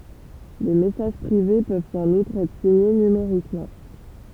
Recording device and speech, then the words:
temple vibration pickup, read sentence
Les messages privés peuvent en outre être signés numériquement.

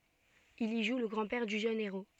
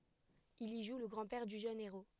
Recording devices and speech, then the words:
soft in-ear microphone, headset microphone, read sentence
Il y joue le grand-père du jeune héros.

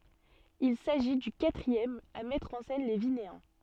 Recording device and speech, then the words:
soft in-ear microphone, read sentence
Il s’agit du quatrième à mettre en scène les Vinéens.

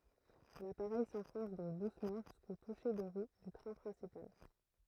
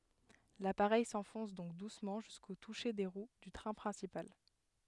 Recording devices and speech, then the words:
throat microphone, headset microphone, read sentence
L'appareil s'enfonce donc doucement jusqu'au touché des roues du train principal.

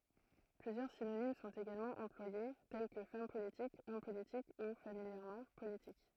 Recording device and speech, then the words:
throat microphone, read sentence
Plusieurs synonymes sont également employés, tels que femme politique, homme politique ou, familièrement, politique.

